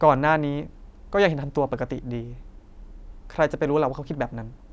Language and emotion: Thai, neutral